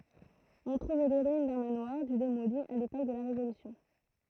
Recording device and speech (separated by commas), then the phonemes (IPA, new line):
throat microphone, read sentence
ɔ̃ tʁuv le ʁyin dœ̃ manwaʁ dy demoli a lepok də la ʁevolysjɔ̃